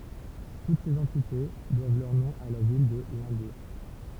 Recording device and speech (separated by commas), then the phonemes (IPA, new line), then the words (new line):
temple vibration pickup, read sentence
tut sez ɑ̃tite dwav lœʁ nɔ̃ a la vil də lɛ̃buʁ
Toutes ces entités doivent leur nom à la ville de Limbourg.